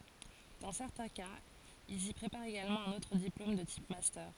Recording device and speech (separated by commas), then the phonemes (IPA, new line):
forehead accelerometer, read sentence
dɑ̃ sɛʁtɛ̃ kaz ilz i pʁepaʁt eɡalmɑ̃ œ̃n otʁ diplom də tip mastœʁ